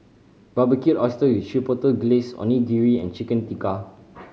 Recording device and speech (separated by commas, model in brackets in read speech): mobile phone (Samsung C5010), read sentence